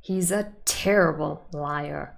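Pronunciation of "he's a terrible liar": In 'he's a terrible liar', the word 'terrible' carries emphatic stress.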